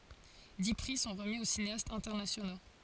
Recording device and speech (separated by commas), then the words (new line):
forehead accelerometer, read sentence
Dix prix sont remis aux cinéastes internationaux.